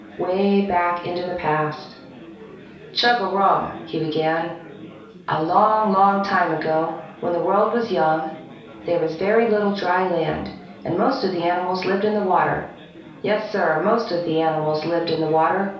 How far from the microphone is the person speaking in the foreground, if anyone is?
3.0 m.